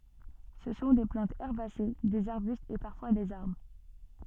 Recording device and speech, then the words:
soft in-ear microphone, read sentence
Ce sont des plantes herbacées, des arbustes et parfois des arbres.

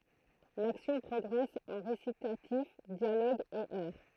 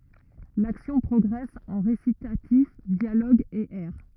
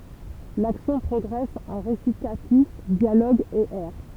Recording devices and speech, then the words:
throat microphone, rigid in-ear microphone, temple vibration pickup, read sentence
L’action progresse en récitatifs, dialogues et airs.

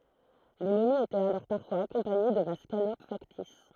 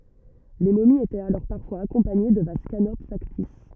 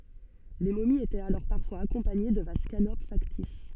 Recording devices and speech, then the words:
throat microphone, rigid in-ear microphone, soft in-ear microphone, read sentence
Les momies étaient alors parfois accompagnées de vases canopes factices.

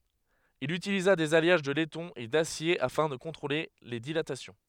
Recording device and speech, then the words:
headset microphone, read sentence
Il utilisa des alliages de laiton et d'acier afin de contrôler les dilatations.

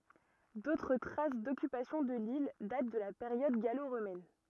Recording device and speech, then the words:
rigid in-ear microphone, read sentence
D'autres traces d'occupation de l'île datent de la période gallo-romaine.

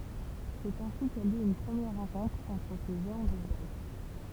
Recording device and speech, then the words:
temple vibration pickup, read sentence
C'est ainsi qu'a lieu une première rencontre entre ces géants du jazz.

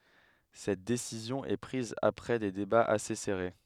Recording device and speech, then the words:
headset microphone, read sentence
Cette décision est prise après des débats assez serrés.

